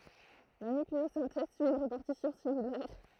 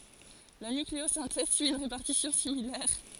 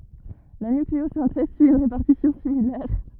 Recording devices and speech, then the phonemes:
throat microphone, forehead accelerometer, rigid in-ear microphone, read sentence
la nykleozɛ̃tɛz syi yn ʁepaʁtisjɔ̃ similɛʁ

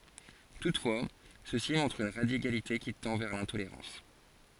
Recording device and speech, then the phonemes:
forehead accelerometer, read sentence
tutfwa sø si mɔ̃tʁt yn ʁadikalite ki tɑ̃ vɛʁ lɛ̃toleʁɑ̃s

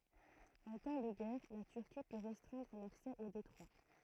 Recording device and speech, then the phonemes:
throat microphone, read sentence
ɑ̃ tɑ̃ də ɡɛʁ la tyʁki pø ʁɛstʁɛ̃dʁ laksɛ o detʁwa

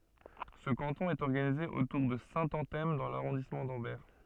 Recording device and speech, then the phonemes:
soft in-ear microphone, read sentence
sə kɑ̃tɔ̃ ɛt ɔʁɡanize otuʁ də sɛ̃tɑ̃tɛm dɑ̃ laʁɔ̃dismɑ̃ dɑ̃bɛʁ

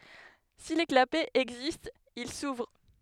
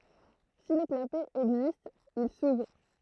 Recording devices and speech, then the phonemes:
headset microphone, throat microphone, read sentence
si le klapɛz ɛɡzistt il suvʁ

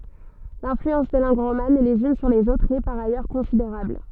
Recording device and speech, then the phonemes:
soft in-ear microphone, read sentence
lɛ̃flyɑ̃s de lɑ̃ɡ ʁoman lez yn syʁ lez otʁz ɛ paʁ ajœʁ kɔ̃sideʁabl

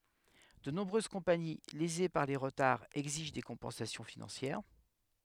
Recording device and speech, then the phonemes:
headset microphone, read sentence
də nɔ̃bʁøz kɔ̃pani leze paʁ le ʁətaʁz ɛɡziʒ de kɔ̃pɑ̃sasjɔ̃ finɑ̃sjɛʁ

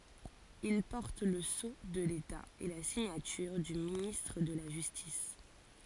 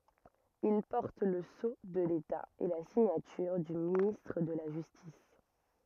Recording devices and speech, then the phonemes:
forehead accelerometer, rigid in-ear microphone, read sentence
il pɔʁt lə so də leta e la siɲatyʁ dy ministʁ də la ʒystis

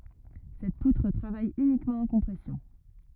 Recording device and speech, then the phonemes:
rigid in-ear microphone, read sentence
sɛt putʁ tʁavaj ynikmɑ̃ ɑ̃ kɔ̃pʁɛsjɔ̃

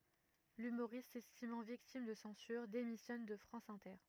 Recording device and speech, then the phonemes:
rigid in-ear microphone, read sentence
lymoʁist sɛstimɑ̃ viktim də sɑ̃syʁ demisjɔn də fʁɑ̃s ɛ̃tɛʁ

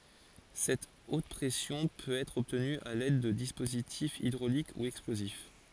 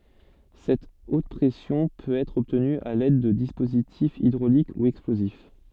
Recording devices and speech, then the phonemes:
forehead accelerometer, soft in-ear microphone, read sentence
sɛt ot pʁɛsjɔ̃ pøt ɛtʁ ɔbtny a lɛd də dispozitifz idʁolik u ɛksplozif

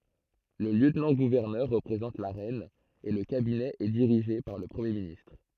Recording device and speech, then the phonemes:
throat microphone, read sentence
lə ljøtnɑ̃ɡuvɛʁnœʁ ʁəpʁezɑ̃t la ʁɛn e lə kabinɛ ɛ diʁiʒe paʁ lə pʁəmje ministʁ

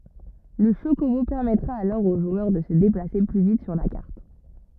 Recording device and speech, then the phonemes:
rigid in-ear microphone, read sentence
lə ʃokobo pɛʁmɛtʁa alɔʁ o ʒwœʁ də sə deplase ply vit syʁ la kaʁt

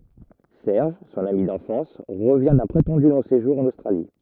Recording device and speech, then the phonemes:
rigid in-ear microphone, read sentence
sɛʁʒ sɔ̃n ami dɑ̃fɑ̃s ʁəvjɛ̃ dœ̃ pʁetɑ̃dy lɔ̃ seʒuʁ ɑ̃n ostʁali

